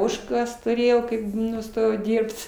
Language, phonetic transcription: Lithuanian, ˈožkas tuˈrėjau kaip nuˈstojau ˈdyrbt

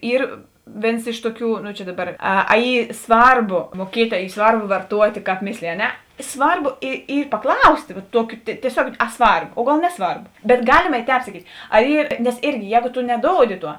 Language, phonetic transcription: Lithuanian, ˈyr ˈvėns ˈiš tuˌkių no čia ˈdaˌbar ˈa a ˈy ˈsvarˌbo muoˈkiet' a ˈy ˈsvarˌbo varˈtuot' kāp ˈmislėji a ˈne ˈsvarˌbo i ˈy paˈklaustė va ˈtuokiu tieˈsiog a ˈsvarb o ˈgal ˈneˌsvarb bet ˈgalima ˈtēp saˈkyt' a ˈy nes ˈirgi ˈjēgo to neˈdoudi ˈtuo

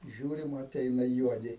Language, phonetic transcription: Lithuanian, ˈžiūrim aˈteina ˈjuodi

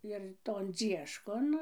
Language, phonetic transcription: Lithuanian, ir ton ˈdzieškon

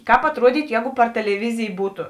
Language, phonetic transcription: Lithuanian, ˈkāp atˈruodytu ˈjēgu par teleˈvizij ˈbūtu

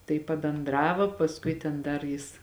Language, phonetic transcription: Lithuanian, tai pabenˈdravo pasˈkui ten ˈdar ˈjis

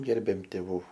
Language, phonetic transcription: Lithuanian, ˈgerbėm tėˈvų

